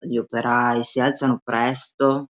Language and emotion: Italian, disgusted